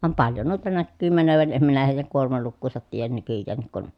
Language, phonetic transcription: Finnish, vam paljo nuita näkkyy mänövän em minä hèi̮jäŋ kuormalukkuusat tiijän nykyjjäännik kun ,.
- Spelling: vaan paljon noita näkyy menevän en minä heidän kuormalukuansa tiedä nykyäänkin kun

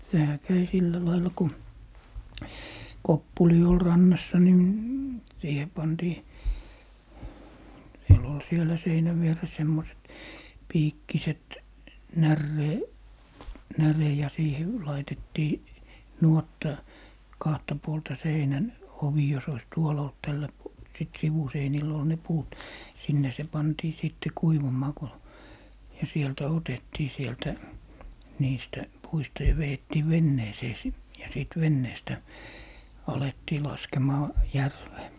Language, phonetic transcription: Finnish, 'sehä 'käi 'sillä lailla ku , "koppuli ol 'rannassa ni , "siihe 'pantii , 'siel ‿ol sielä 'seinäv vieres semmoset , 'piikkiset , "närree- , "näre ja 'siihe , 'laitettii , "nuotta , 'kahta 'puolta "seinän , 'ovi jos ois "tuol ‿olt 'tällä pu- , sit 'sivuseinil ‿ol ne 'puut , 'sinne se 'pantii 'sìtte "kuivum̀aa ko , ja 'sieltä "otettii 'sieltä , 'niistä , 'puista ja 've₍ettii "venneesee sit , ja sìt 'venneestä , 'alettii 'laskemaa , "järvee .
- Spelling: sehän kävi sillä lailla kun koppuli oli rannassa niin siihen pantiin siellä oli siellä seinän vieressä semmoiset piikkiset - näre ja siihen laitettiin nuotta kahta puolta seinän ovi jos olisi tuolla ollut tällä - sitten sivuseinillä oli ne puut sinne se pantiin sitten kuivumaan kun ja sieltä otettiin sieltä niistä puista ja vedettiin veneeseen sitten ja sitten veneestä alettiin laskemaan järveen

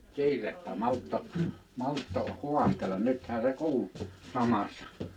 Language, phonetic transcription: Finnish, - - 'kiirettä 'maltto , 'maltto , "hu̬astel̆lan 'nythän se "kuul , 'samassa .
- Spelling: kiirettä malttoi malttoi haastella nythän se kuuli samassa

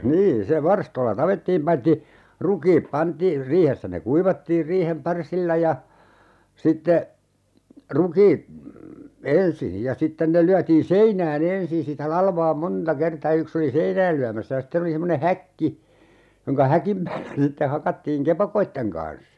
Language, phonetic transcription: Finnish, 'niin se "varstoⁱlla 'tapettiim paitti , "rukiip 'pantii , 'riihessä ne "kuivattiir 'riihem "parsilla ja , 'sitte , 'ruki , "ensin̬ , ja 'sitten ne 'lyätiin "seinää'n ‿ensin̬ sitä 'lalvaa "monta 'kerta(a ja) 'yks ‿oli "seinääl 'lyämässä ja 'sten ‿oli semmone "häkki , jonka "häkim päällä ne [s]itte 'hakattiiŋ "kepakoitteŋ kan̬s .
- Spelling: niin se varstoilla tapettiin paitsi rukiit pantiin riihessä ne kuivattiin riihen parsilla ja sitten rukiit ensin ja sitten ne lyötiin seinään ensin sitä latvaa monta kertaa - yksi oli seinään lyömässä ja sitten oli semmoinen häkki jonka häkin päällä ne sitten hakattiin kepakoiden kanssa

